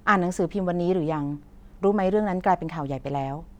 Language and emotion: Thai, frustrated